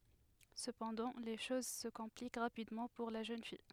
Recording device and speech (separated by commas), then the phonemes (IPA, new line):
headset microphone, read sentence
səpɑ̃dɑ̃ le ʃoz sə kɔ̃plik ʁapidmɑ̃ puʁ la ʒøn fij